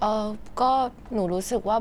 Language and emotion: Thai, neutral